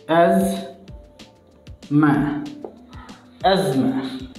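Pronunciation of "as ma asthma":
'Asthma' is said with an American English pronunciation, and the t and h are not pronounced.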